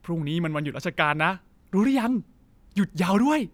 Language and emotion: Thai, happy